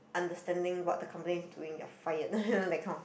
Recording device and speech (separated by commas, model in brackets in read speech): boundary microphone, conversation in the same room